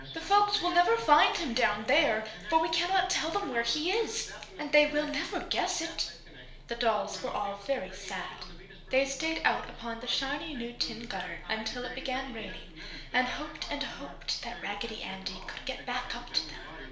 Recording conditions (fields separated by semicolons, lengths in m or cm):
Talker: one person; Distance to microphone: 1.0 m; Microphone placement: close; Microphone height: 1.1 m; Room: small (3.7 m by 2.7 m); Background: television